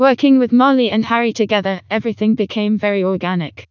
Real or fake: fake